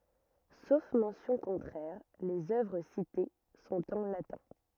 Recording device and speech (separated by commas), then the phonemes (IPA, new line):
rigid in-ear microphone, read sentence
sof mɑ̃sjɔ̃ kɔ̃tʁɛʁ lez œvʁ site sɔ̃t ɑ̃ latɛ̃